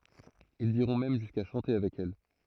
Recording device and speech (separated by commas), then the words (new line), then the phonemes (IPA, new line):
throat microphone, read sentence
Ils iront même jusqu'à chanter avec elle.
ilz iʁɔ̃ mɛm ʒyska ʃɑ̃te avɛk ɛl